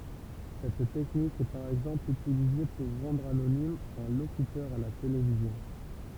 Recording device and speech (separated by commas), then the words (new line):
temple vibration pickup, read sentence
Cette technique est par exemple utilisée pour rendre anonyme un locuteur à la télévision.